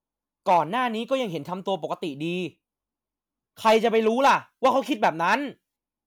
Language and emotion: Thai, angry